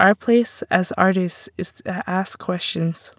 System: none